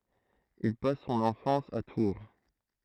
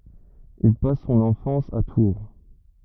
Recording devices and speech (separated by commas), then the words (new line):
throat microphone, rigid in-ear microphone, read sentence
Il passe son enfance à Tours.